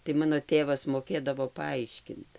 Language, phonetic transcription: Lithuanian, tai ˈmano ˈtėvas moˈkėdavo paˈaiškint

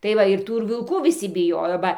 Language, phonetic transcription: Lithuanian, tai ˈva ir ˈtų ir vilˈkų viˈsi biˈjojo ˈba

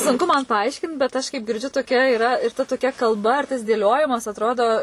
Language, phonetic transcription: Lithuanian, sunˈku man paˈaiškint bet ˈaš kaip girˈdžiu toˈkia iˈra ir ta toˈkia kalˈba ir tas dėˈliojimas atˈrodo

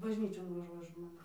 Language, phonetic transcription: Lithuanian, bažˈnyčion vaˈžuoja ˈžmonės

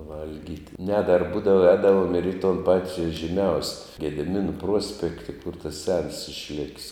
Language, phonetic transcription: Lithuanian, ˈvalgyt' ne dar ˈbūdava ˈēdavom ir į ton ˈpati žyˈmiaus' gediˈminu ˈpruospekti kur tas sens išˈlik's'

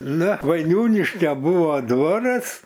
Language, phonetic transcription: Lithuanian, ˈnu vaiˈniūniškio ˈbuvo ˈdvoras

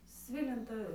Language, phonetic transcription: Lithuanian, ˈsvilintą

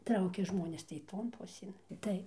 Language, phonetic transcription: Lithuanian, ˈtraukia ˈžmonės tai ˈton ˈpusėn ˈtai

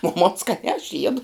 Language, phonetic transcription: Lithuanian, o mon skaˈniā aš ˈjiedu

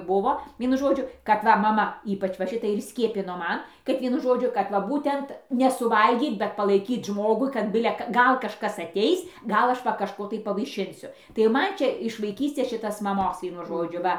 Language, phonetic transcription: Lithuanian, ˈbuvo ˈvienu ˈžodžiu kad ˈva maˈma ˈypač va ˈšitai ir ˈskiepino ˈman kad ˈvienu ˈžodžiu kad ˈva ˈbūtent nesuˈvalgyt bet palaiˈkyt ˈžmogui kad ˈbile ka ˈgal kažˈkas ateis ˈgal ˈaš va kažˈko tai pavaiˈšinsiu tai ˈman ˈčia iš vaiˈkystės ˈšitas maˈmos ˈvienu ˈžodžiu ˈva

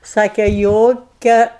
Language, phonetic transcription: Lithuanian, ˈsake ˈjokia

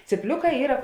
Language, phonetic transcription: Lithuanian, cyˈpliuˌkā ˈyra

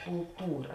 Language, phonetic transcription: Lithuanian, kulˈtūra

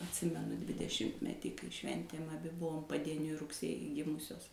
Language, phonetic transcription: Lithuanian, atˈsimenu dvideˈšimtmetį kai ˈšventėm aˈbi ˈbuvom padieˈniui rugˈsėji ˈgimusios

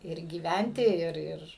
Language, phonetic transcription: Lithuanian, ir gyˈventi ˈir ˈir

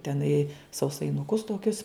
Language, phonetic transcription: Lithuanian, teˈnai sausainuˈkus toˈkius

